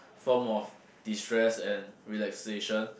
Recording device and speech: boundary microphone, conversation in the same room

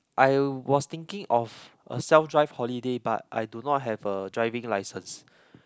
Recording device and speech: close-talking microphone, conversation in the same room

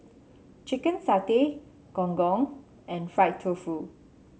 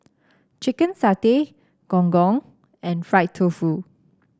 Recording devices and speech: mobile phone (Samsung C7), standing microphone (AKG C214), read sentence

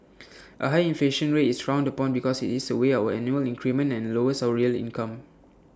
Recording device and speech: standing microphone (AKG C214), read sentence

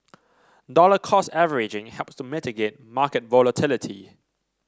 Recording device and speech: standing microphone (AKG C214), read sentence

